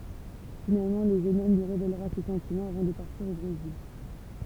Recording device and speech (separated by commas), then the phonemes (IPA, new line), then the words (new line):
temple vibration pickup, read sentence
finalmɑ̃ lə ʒøn ɔm lyi ʁevelʁa se sɑ̃timɑ̃z avɑ̃ də paʁtiʁ o bʁezil
Finalement, le jeune homme lui révélera ses sentiments avant de partir au Brésil.